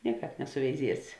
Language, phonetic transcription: Lithuanian, ˈnieˌkāp nesuveiˈziesi

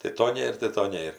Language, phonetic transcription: Lithuanian, tai ˈto ˈnėr tai ˈto ˈnėr

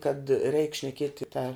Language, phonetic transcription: Lithuanian, kad reik šneˈkieti ta

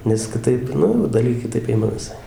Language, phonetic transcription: Lithuanian, nes kiˈtaip ˈnu jau ˈdalgė kiˈtaip ˈima viˈsai

